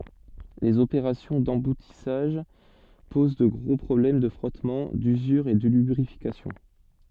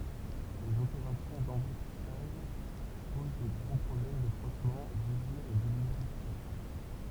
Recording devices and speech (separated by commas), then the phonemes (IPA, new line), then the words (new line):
soft in-ear microphone, temple vibration pickup, read sentence
lez opeʁasjɔ̃ dɑ̃butisaʒ poz də ɡʁo pʁɔblɛm də fʁɔtmɑ̃ dyzyʁ e də lybʁifikasjɔ̃
Les opérations d'emboutissage posent de gros problèmes de frottement, d'usure et de lubrification.